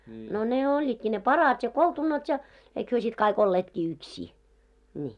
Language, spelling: Finnish, no ne olivatkin ne parat ja koltunat ja eikä he sitten kaikki olleetkin yksiä niin
- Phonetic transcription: no ne 'oĺĺiitki ne "parat ja "koltunat ja , eik hyö sit 'kai'k ‿olleetki 'ykśii , ńii .

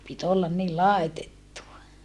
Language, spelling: Finnish, piti olla niin laitettua
- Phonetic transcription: pit ‿ollan ni làetettuva .

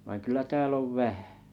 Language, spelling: Finnish, vaan kyllä täällä on vähän
- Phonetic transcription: vaiŋ kylä 'tääll ‿ov "vähᴀ̈̀ .

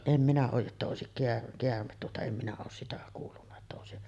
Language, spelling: Finnish, en minä ole jotta olisi - käärme tuota en minä ole sitä kuullut että olisi
- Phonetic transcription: 'em minä 'ooj jotta òesik keär- 'keärmet tuota , em minä oos sitä 'kuullunna että òesi ,.

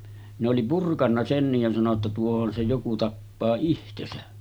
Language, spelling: Finnish, ne oli purkanut senkin ja sanoi jotta tuohon se joku tappaa itsensä
- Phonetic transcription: ne oli 'purkanna 'sennij ja sano ‿tta » 'tuohon se joku 'tappaa 'ihtesä « .

